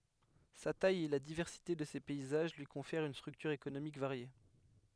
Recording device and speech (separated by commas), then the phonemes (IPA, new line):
headset microphone, read sentence
sa taj e la divɛʁsite də se pɛizaʒ lyi kɔ̃fɛʁt yn stʁyktyʁ ekonomik vaʁje